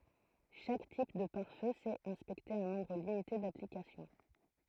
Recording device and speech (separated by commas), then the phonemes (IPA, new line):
throat microphone, read sentence
ʃak tip də paʁ fø sɛt ɛ̃spɛkte œ̃ nɔ̃bʁ limite daplikasjɔ̃